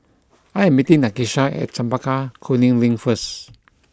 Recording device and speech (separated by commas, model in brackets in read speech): close-talking microphone (WH20), read sentence